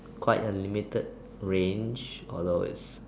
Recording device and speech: standing microphone, conversation in separate rooms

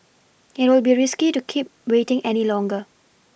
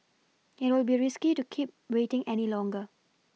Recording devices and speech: boundary microphone (BM630), mobile phone (iPhone 6), read sentence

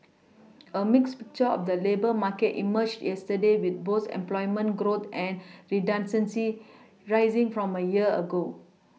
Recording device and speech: mobile phone (iPhone 6), read sentence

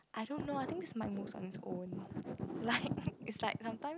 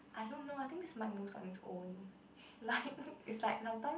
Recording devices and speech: close-talking microphone, boundary microphone, conversation in the same room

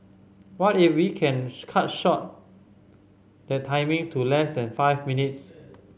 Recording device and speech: mobile phone (Samsung C5010), read sentence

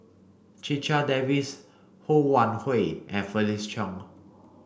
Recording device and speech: boundary microphone (BM630), read sentence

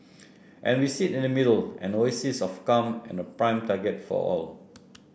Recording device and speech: boundary microphone (BM630), read sentence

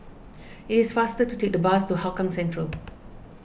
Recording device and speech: boundary microphone (BM630), read sentence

